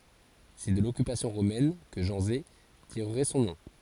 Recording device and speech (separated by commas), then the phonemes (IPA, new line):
forehead accelerometer, read sentence
sɛ də lɔkypasjɔ̃ ʁomɛn kə ʒɑ̃ze tiʁʁɛ sɔ̃ nɔ̃